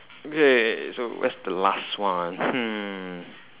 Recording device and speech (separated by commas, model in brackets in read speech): telephone, conversation in separate rooms